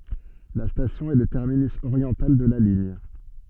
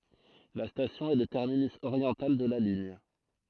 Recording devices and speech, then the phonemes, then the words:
soft in-ear microphone, throat microphone, read sentence
la stasjɔ̃ ɛ lə tɛʁminys oʁjɑ̃tal də la liɲ
La station est le terminus oriental de la ligne.

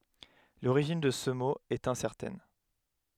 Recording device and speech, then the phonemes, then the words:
headset microphone, read sentence
loʁiʒin də sə mo ɛt ɛ̃sɛʁtɛn
L'origine de ce mot est incertaine.

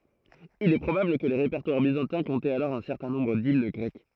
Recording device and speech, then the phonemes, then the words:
throat microphone, read sentence
il ɛ pʁobabl kə le ʁepɛʁtwaʁ bizɑ̃tɛ̃ kɔ̃tɛt alɔʁ œ̃ sɛʁtɛ̃ nɔ̃bʁ dimn ɡʁɛk
Il est probable que les répertoires byzantins comptaient alors un certain nombre d'hymnes grecques.

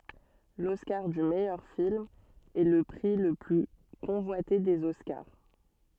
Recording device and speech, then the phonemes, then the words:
soft in-ear microphone, read sentence
lɔskaʁ dy mɛjœʁ film ɛ lə pʁi lə ply kɔ̃vwate dez ɔskaʁ
L'Oscar du meilleur film est le prix le plus convoité des Oscars.

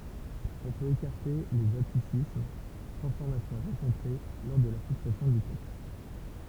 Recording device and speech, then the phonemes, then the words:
temple vibration pickup, read sentence
ɔ̃ pøt ekaʁte lez atisism tʁɑ̃sfɔʁmasjɔ̃ ʁɑ̃kɔ̃tʁe lɔʁ də la fiksasjɔ̃ dy tɛkst
On peut écarter les atticismes, transformations rencontrées lors de la fixation du texte.

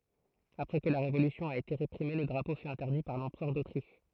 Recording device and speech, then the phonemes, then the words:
throat microphone, read sentence
apʁɛ kə la ʁevolysjɔ̃ a ete ʁepʁime lə dʁapo fy ɛ̃tɛʁdi paʁ lɑ̃pʁœʁ dotʁiʃ
Après que la révolution a été réprimée, le drapeau fut interdit par l'Empereur d'Autriche.

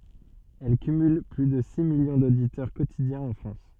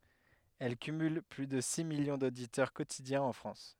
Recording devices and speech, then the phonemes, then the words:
soft in-ear microphone, headset microphone, read sentence
ɛl kymyl ply də si miljɔ̃ doditœʁ kotidjɛ̃z ɑ̃ fʁɑ̃s
Elle cumule plus de six millions d'auditeurs quotidiens en France.

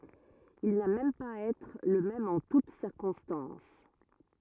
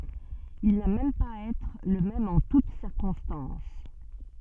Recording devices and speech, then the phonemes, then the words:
rigid in-ear microphone, soft in-ear microphone, read sentence
il na mɛm paz a ɛtʁ lə mɛm ɑ̃ tut siʁkɔ̃stɑ̃s
Il n'a même pas à être le même en toute circonstances.

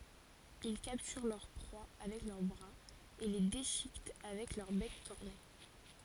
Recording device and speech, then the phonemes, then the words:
forehead accelerometer, read sentence
il kaptyʁ lœʁ pʁwa avɛk lœʁ bʁaz e le deʃikɛt avɛk lœʁ bɛk kɔʁne
Ils capturent leurs proies avec leurs bras, et les déchiquettent avec leur bec corné.

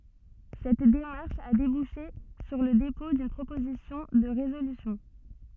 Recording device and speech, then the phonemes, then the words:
soft in-ear microphone, read sentence
sɛt demaʁʃ a debuʃe syʁ lə depɔ̃ dyn pʁopozisjɔ̃ də ʁezolysjɔ̃
Cette démarche a débouché sur le dépôt d'une proposition de résolution.

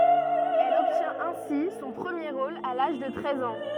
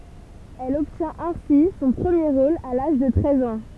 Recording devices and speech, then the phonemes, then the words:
rigid in-ear microphone, temple vibration pickup, read sentence
ɛl ɔbtjɛ̃t ɛ̃si sɔ̃ pʁəmje ʁol a laʒ də tʁɛz ɑ̃
Elle obtient ainsi son premier rôle à l’âge de treize ans.

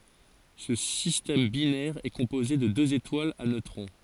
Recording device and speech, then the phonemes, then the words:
forehead accelerometer, read sentence
sə sistɛm binɛʁ ɛ kɔ̃poze də døz etwalz a nøtʁɔ̃
Ce système binaire est composé de deux étoiles à neutrons.

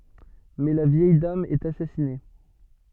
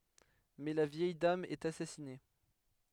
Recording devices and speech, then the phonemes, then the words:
soft in-ear microphone, headset microphone, read sentence
mɛ la vjɛj dam ɛt asasine
Mais la vieille dame est assassinée.

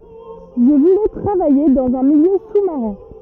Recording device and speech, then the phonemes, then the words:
rigid in-ear microphone, read sentence
ʒə vulɛ tʁavaje dɑ̃z œ̃ miljø su maʁɛ̃
Je voulais travailler dans un milieu sous-marin.

